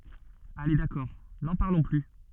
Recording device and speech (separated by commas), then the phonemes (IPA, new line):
soft in-ear microphone, read sentence
ale dakɔʁ nɑ̃ paʁlɔ̃ ply